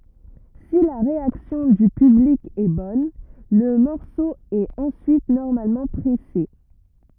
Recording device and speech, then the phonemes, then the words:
rigid in-ear microphone, read sentence
si la ʁeaksjɔ̃ dy pyblik ɛ bɔn lə mɔʁso ɛt ɑ̃syit nɔʁmalmɑ̃ pʁɛse
Si la réaction du public est bonne, le morceau est ensuite normalement pressé.

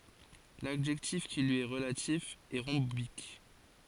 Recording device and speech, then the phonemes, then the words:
forehead accelerometer, read sentence
ladʒɛktif ki lyi ɛ ʁəlatif ɛ ʁɔ̃bik
L'adjectif qui lui est relatif est rhombique.

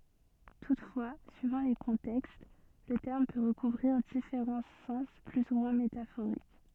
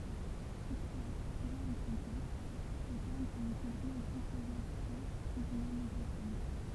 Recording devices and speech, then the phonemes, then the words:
soft in-ear microphone, temple vibration pickup, read sentence
tutfwa syivɑ̃ le kɔ̃tɛkst lə tɛʁm pø ʁəkuvʁiʁ difeʁɑ̃ sɑ̃s ply u mwɛ̃ metafoʁik
Toutefois, suivant les contextes, le terme peut recouvrir différents sens plus ou moins métaphoriques.

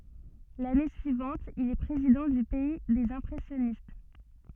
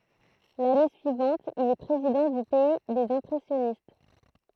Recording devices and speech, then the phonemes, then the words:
soft in-ear microphone, throat microphone, read sentence
lane syivɑ̃t il ɛ pʁezidɑ̃ dy pɛi dez ɛ̃pʁɛsjɔnist
L'année suivante, il est président du Pays des Impressionnistes.

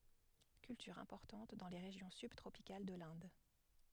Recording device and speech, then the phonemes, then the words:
headset microphone, read sentence
kyltyʁ ɛ̃pɔʁtɑ̃t dɑ̃ le ʁeʒjɔ̃ sybtʁopikal də lɛ̃d
Culture importante dans les régions subtropicales de l'Inde.

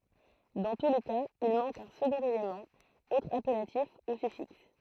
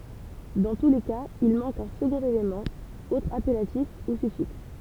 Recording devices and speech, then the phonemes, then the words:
throat microphone, temple vibration pickup, read sentence
dɑ̃ tu le kaz il mɑ̃k œ̃ səɡɔ̃t elemɑ̃ otʁ apɛlatif u syfiks
Dans tous les cas, il manque un second élément, autre appellatif ou suffixe.

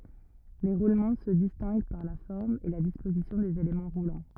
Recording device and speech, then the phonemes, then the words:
rigid in-ear microphone, read sentence
le ʁulmɑ̃ sə distɛ̃ɡ paʁ la fɔʁm e la dispozisjɔ̃ dez elemɑ̃ ʁulɑ̃
Les roulements se distinguent par la forme et la disposition des éléments roulants.

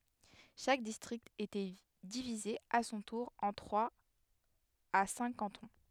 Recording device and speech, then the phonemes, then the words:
headset microphone, read sentence
ʃak distʁikt etɛ divize a sɔ̃ tuʁ ɑ̃ tʁwaz a sɛ̃k kɑ̃tɔ̃
Chaque district était divisé à son tour en trois à cinq cantons.

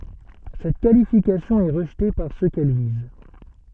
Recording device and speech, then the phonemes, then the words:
soft in-ear microphone, read sentence
sɛt kalifikasjɔ̃ ɛ ʁəʒte paʁ sø kɛl viz
Cette qualification est rejetée par ceux qu'elle vise.

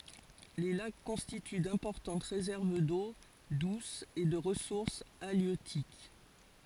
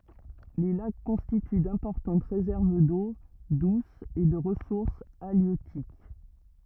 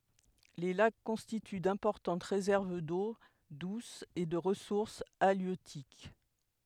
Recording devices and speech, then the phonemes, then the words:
forehead accelerometer, rigid in-ear microphone, headset microphone, read sentence
le lak kɔ̃stity dɛ̃pɔʁtɑ̃t ʁezɛʁv do dus e də ʁəsuʁs aljøtik
Les lacs constituent d'importantes réserves d'eau douce et de ressources halieutiques.

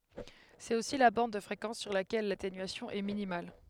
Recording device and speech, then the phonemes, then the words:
headset microphone, read sentence
sɛt osi la bɑ̃d də fʁekɑ̃s syʁ lakɛl latenyasjɔ̃ ɛ minimal
C'est aussi la bande de fréquence sur laquelle l'atténuation est minimale.

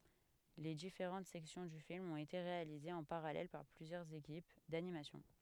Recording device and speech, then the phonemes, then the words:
headset microphone, read sentence
le difeʁɑ̃t sɛksjɔ̃ dy film ɔ̃t ete ʁealizez ɑ̃ paʁalɛl paʁ plyzjœʁz ekip danimasjɔ̃
Les différentes sections du film ont été réalisées en parallèle par plusieurs équipes d'animation.

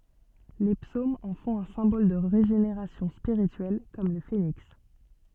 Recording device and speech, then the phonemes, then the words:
soft in-ear microphone, read sentence
le psomz ɑ̃ fɔ̃t œ̃ sɛ̃bɔl də ʁeʒeneʁasjɔ̃ spiʁityɛl kɔm lə feniks
Les psaumes en font un symbole de régénération spirituelle, comme le phénix.

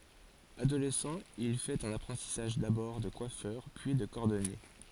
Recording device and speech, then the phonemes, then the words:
forehead accelerometer, read sentence
adolɛsɑ̃ il fɛt œ̃n apʁɑ̃tisaʒ dabɔʁ də kwafœʁ pyi də kɔʁdɔnje
Adolescent, il fait un apprentissage d'abord de coiffeur, puis de cordonnier.

